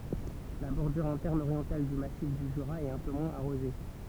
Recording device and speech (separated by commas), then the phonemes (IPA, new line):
temple vibration pickup, read sentence
la bɔʁdyʁ ɛ̃tɛʁn oʁjɑ̃tal dy masif dy ʒyʁa ɛt œ̃ pø mwɛ̃z aʁoze